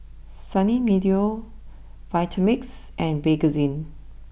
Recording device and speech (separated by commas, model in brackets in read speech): boundary microphone (BM630), read sentence